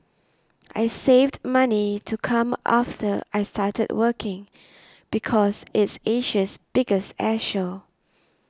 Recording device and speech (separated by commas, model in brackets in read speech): standing microphone (AKG C214), read sentence